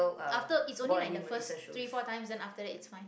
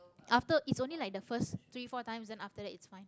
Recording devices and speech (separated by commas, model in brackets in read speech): boundary microphone, close-talking microphone, conversation in the same room